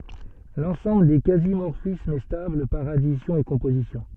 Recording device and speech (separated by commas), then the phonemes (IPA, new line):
soft in-ear microphone, read sentence
lɑ̃sɑ̃bl de kazi mɔʁfismz ɛ stabl paʁ adisjɔ̃ e kɔ̃pozisjɔ̃